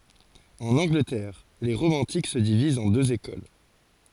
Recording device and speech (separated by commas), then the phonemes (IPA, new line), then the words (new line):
forehead accelerometer, read sentence
ɑ̃n ɑ̃ɡlətɛʁ le ʁomɑ̃tik sə divizt ɑ̃ døz ekol
En Angleterre, les romantiques se divisent en deux écoles.